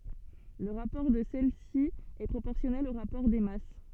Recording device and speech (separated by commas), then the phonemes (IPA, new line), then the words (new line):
soft in-ear microphone, read sentence
lə ʁapɔʁ də sɛlɛsi ɛ pʁopɔʁsjɔnɛl o ʁapɔʁ de mas
Le rapport de celles-ci est proportionnel au rapport des masses.